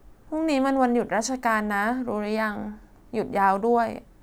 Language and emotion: Thai, sad